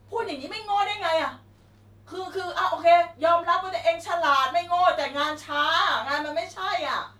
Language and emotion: Thai, angry